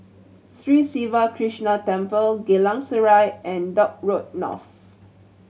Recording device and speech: mobile phone (Samsung C7100), read sentence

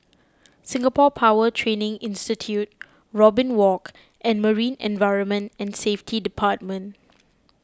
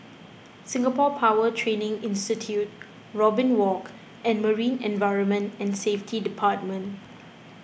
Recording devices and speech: close-talking microphone (WH20), boundary microphone (BM630), read sentence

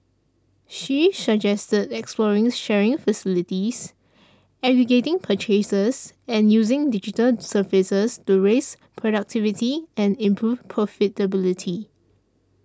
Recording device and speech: standing microphone (AKG C214), read sentence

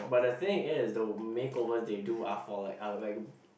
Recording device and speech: boundary microphone, conversation in the same room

